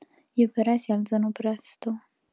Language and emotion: Italian, sad